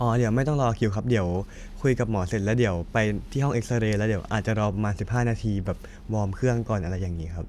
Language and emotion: Thai, neutral